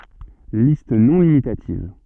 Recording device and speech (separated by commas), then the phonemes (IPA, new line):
soft in-ear microphone, read sentence
list nɔ̃ limitativ